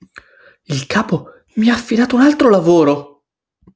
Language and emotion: Italian, surprised